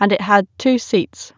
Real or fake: real